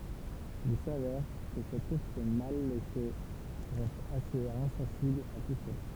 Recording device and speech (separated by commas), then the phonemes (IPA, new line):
temple vibration pickup, read sentence
il savɛʁ kə sɛt uʁs mal leʃe ʁɛst asez ɛ̃sɑ̃sibl a tu səla